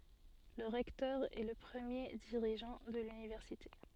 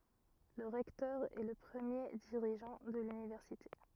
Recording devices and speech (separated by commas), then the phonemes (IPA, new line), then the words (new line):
soft in-ear microphone, rigid in-ear microphone, read sentence
lə ʁɛktœʁ ɛ lə pʁəmje diʁiʒɑ̃ də lynivɛʁsite
Le recteur est le premier dirigeant de l'université.